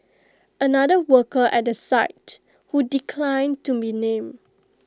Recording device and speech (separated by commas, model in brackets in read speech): close-talking microphone (WH20), read sentence